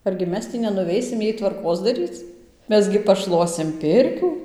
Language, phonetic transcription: Lithuanian, argi ˈmes tį nenuˈveisim ˈjai tvarˈkos daˈryc ˈmes gi paˈšluosim ˈpirkių

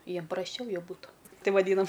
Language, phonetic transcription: Lithuanian, ˈjiem prasˈčiau jau ˈbūtu ˈtai vaˈdynam

